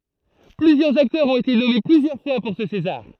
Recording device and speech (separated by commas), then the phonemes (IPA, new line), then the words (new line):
throat microphone, read sentence
plyzjœʁz aktœʁz ɔ̃t ete nɔme plyzjœʁ fwa puʁ sə sezaʁ
Plusieurs acteurs ont été nommés plusieurs fois pour ce César.